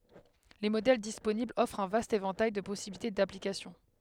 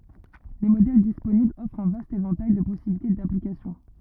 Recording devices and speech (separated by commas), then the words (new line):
headset microphone, rigid in-ear microphone, read sentence
Les modèles disponibles offrent un vaste éventail de possibilités d’application.